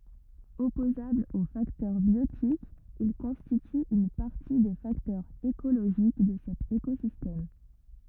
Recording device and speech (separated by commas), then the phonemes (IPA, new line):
rigid in-ear microphone, read sentence
ɔpozablz o faktœʁ bjotikz il kɔ̃stityt yn paʁti de faktœʁz ekoloʒik də sɛt ekozistɛm